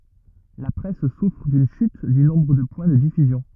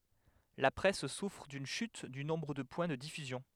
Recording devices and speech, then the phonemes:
rigid in-ear microphone, headset microphone, read sentence
la pʁɛs sufʁ dyn ʃyt dy nɔ̃bʁ də pwɛ̃ də difyzjɔ̃

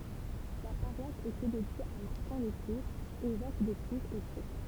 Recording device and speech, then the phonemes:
temple vibration pickup, read sentence
la paʁwas etɛ dedje a maʁtɛ̃ də tuʁz evɛk də tuʁz o sjɛkl

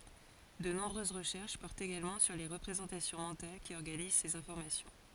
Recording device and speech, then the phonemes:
forehead accelerometer, read sentence
də nɔ̃bʁøz ʁəʃɛʁʃ pɔʁtt eɡalmɑ̃ syʁ le ʁəpʁezɑ̃tasjɔ̃ mɑ̃tal ki ɔʁɡaniz sez ɛ̃fɔʁmasjɔ̃

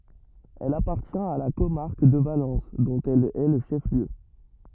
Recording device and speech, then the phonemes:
rigid in-ear microphone, read sentence
ɛl apaʁtjɛ̃t a la komaʁk də valɑ̃s dɔ̃t ɛl ɛ lə ʃɛf ljø

